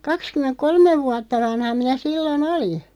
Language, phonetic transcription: Finnish, 'kakskymeŋk "kolmev 'vuatta 'vanha minä 'sillo"n ‿oli .
- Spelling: kaksikymmentä kolme vuotta vanha minä silloin olin

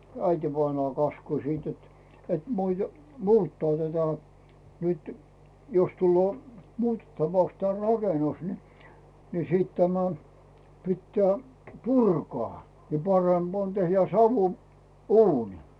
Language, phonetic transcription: Finnish, 'äitivainaa 'kaskusiit jot , et muite- , "muuttaa tätä , nyt , jos tulloo , "muutettavaks te 'rakenus ni , ni 'sit tämä , 'pittää , "purkᵒà , ja 'paremB ‿on tehjä 'savu , "uuni .
- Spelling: äitivainaa kaskusi jotta että - muuttaa tätä nyt jos tulee muutettavaksi tämä rakennus niin niin sitten tämä pitää purkaa ja parempi on tehdä - uuni

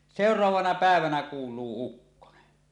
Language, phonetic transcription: Finnish, sèor̀avaana 'pä̀evänä kuul̀uu 'ukkone .
- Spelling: seuraavana päivänä kuuluu ukkonen

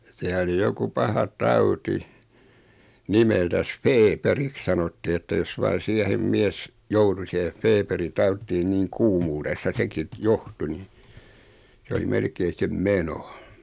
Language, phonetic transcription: Finnish, 'siä oli 'joku 'paha "tauti , 'nimeltäs "feeperik sanotti että jos vain̬ 'siähem 'miɛs , "joutu siheᶠ 'feperi 'tauttii niiŋ 'kuumuuressa 'seki t- , "johtu ni , 's ‿oli 'melkei sem "meno .
- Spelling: siellä oli joku paha tauti nimeltänsä feeperiksi sanottiin että jos vain siihen mies joutui siihen feeperi tautiin niin kuumuudessa sekin - johtui niin se oli melkein sen meno

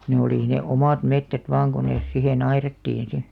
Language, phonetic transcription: Finnish, ne olì ne "omàt 'mettät 'vaaŋ ko nes 'sihe'n ‿airattiin "si .
- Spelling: ne oli ne omat metsät vain kun ne siihen aidattiin sitten

